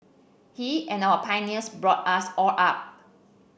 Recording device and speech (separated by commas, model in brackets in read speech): boundary microphone (BM630), read sentence